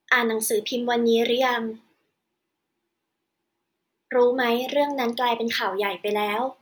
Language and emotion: Thai, neutral